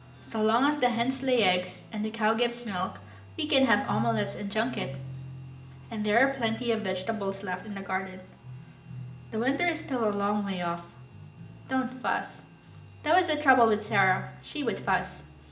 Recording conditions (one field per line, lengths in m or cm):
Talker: one person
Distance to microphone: 1.8 m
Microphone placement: close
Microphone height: 1.0 m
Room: large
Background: music